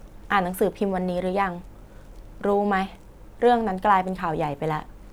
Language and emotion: Thai, frustrated